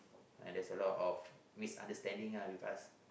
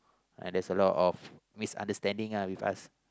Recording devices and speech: boundary microphone, close-talking microphone, conversation in the same room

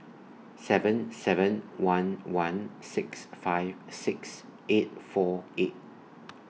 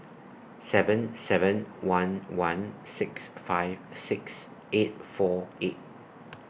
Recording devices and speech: mobile phone (iPhone 6), boundary microphone (BM630), read sentence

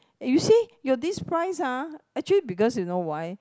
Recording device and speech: close-talking microphone, conversation in the same room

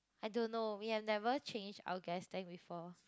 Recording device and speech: close-talking microphone, conversation in the same room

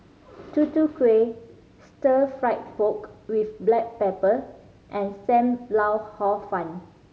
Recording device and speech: mobile phone (Samsung C5010), read sentence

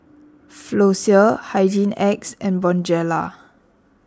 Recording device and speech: standing microphone (AKG C214), read sentence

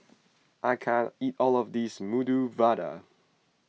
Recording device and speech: mobile phone (iPhone 6), read sentence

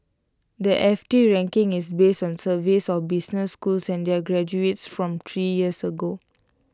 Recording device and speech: close-talking microphone (WH20), read sentence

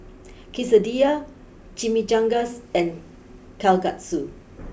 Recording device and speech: boundary microphone (BM630), read sentence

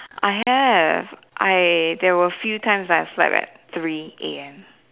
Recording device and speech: telephone, conversation in separate rooms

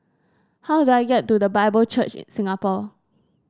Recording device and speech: standing microphone (AKG C214), read sentence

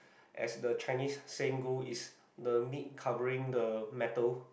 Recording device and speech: boundary microphone, conversation in the same room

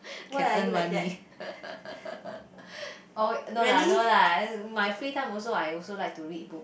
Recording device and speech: boundary microphone, conversation in the same room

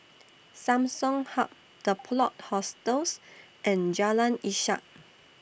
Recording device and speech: boundary microphone (BM630), read sentence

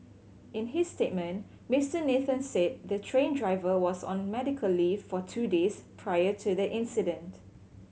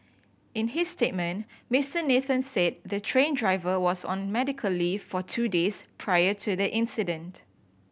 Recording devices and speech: mobile phone (Samsung C7100), boundary microphone (BM630), read sentence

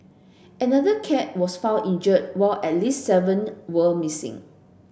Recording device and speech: boundary microphone (BM630), read sentence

